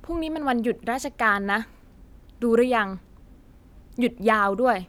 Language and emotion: Thai, frustrated